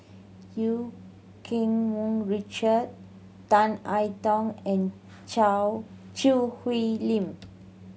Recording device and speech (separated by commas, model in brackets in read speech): mobile phone (Samsung C7100), read sentence